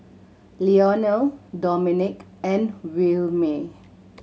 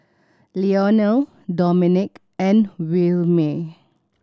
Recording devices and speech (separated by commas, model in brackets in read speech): mobile phone (Samsung C7100), standing microphone (AKG C214), read sentence